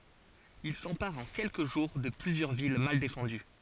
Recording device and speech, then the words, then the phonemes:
forehead accelerometer, read sentence
Ils s'emparent en quelques jours de plusieurs villes mal défendues.
il sɑ̃paʁt ɑ̃ kɛlkə ʒuʁ də plyzjœʁ vil mal defɑ̃dy

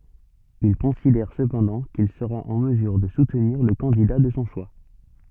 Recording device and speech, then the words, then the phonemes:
soft in-ear microphone, read sentence
Il considère cependant qu'il sera en mesure de soutenir le candidat de son choix.
il kɔ̃sidɛʁ səpɑ̃dɑ̃ kil səʁa ɑ̃ məzyʁ də sutniʁ lə kɑ̃dida də sɔ̃ ʃwa

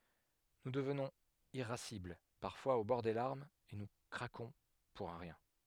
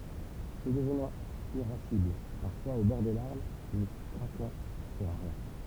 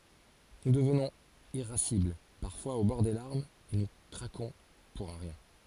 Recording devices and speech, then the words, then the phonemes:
headset microphone, temple vibration pickup, forehead accelerometer, read sentence
Nous devenons irascibles, parfois au bord des larmes et nous craquons pour un rien.
nu dəvnɔ̃z iʁasibl paʁfwaz o bɔʁ de laʁmz e nu kʁakɔ̃ puʁ œ̃ ʁjɛ̃

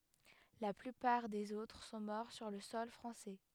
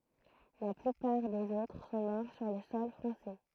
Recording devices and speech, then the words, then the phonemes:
headset microphone, throat microphone, read sentence
La plupart des autres sont morts sur le sol français.
la plypaʁ dez otʁ sɔ̃ mɔʁ syʁ lə sɔl fʁɑ̃sɛ

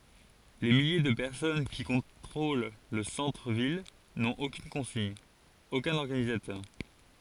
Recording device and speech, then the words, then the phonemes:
forehead accelerometer, read sentence
Les milliers de personnes qui contrôlent le centre ville n'ont aucune consigne, aucun organisateur.
le milje də pɛʁsɔn ki kɔ̃tʁol lə sɑ̃tʁ vil nɔ̃t okyn kɔ̃siɲ okœ̃n ɔʁɡanizatœʁ

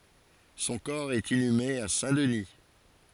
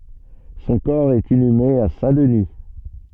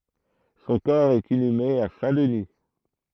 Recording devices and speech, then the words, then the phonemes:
forehead accelerometer, soft in-ear microphone, throat microphone, read sentence
Son corps est inhumé à Saint-Denis.
sɔ̃ kɔʁ ɛt inyme a sɛ̃dəni

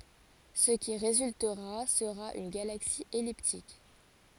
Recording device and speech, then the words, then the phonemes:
forehead accelerometer, read sentence
Ce qui résultera sera une galaxie elliptique.
sə ki ʁezyltəʁa səʁa yn ɡalaksi ɛliptik

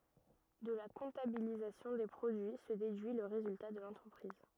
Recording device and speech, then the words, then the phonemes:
rigid in-ear microphone, read sentence
De la comptabilisation des produits se déduit le résultat de l'entreprise.
də la kɔ̃tabilizasjɔ̃ de pʁodyi sə dedyi lə ʁezylta də lɑ̃tʁəpʁiz

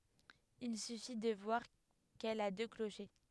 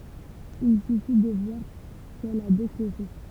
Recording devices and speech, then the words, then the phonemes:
headset microphone, temple vibration pickup, read sentence
Il suffit de voir qu'elle a deux clochers.
il syfi də vwaʁ kɛl a dø kloʃe

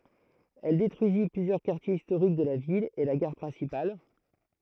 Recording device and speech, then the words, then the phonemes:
throat microphone, read sentence
Elle détruisit plusieurs quartiers historiques de la ville et la gare principale.
ɛl detʁyizi plyzjœʁ kaʁtjez istoʁik də la vil e la ɡaʁ pʁɛ̃sipal

